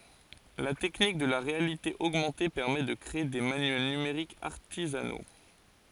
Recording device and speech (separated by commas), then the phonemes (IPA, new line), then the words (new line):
forehead accelerometer, read sentence
la tɛknik də la ʁealite oɡmɑ̃te pɛʁmɛ də kʁee de manyɛl nymeʁikz aʁtizano
La technique de la réalité augmentée permet de créer des manuels numériques artisanaux.